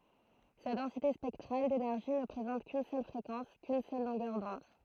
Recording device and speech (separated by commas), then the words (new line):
throat microphone, read sentence
Sa densité spectrale d'énergie ne présente qu'une seule fréquence, qu'une seule longueur d'onde.